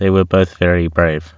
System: none